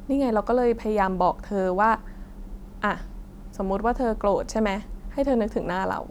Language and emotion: Thai, frustrated